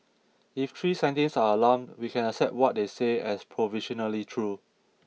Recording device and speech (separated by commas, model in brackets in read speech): mobile phone (iPhone 6), read sentence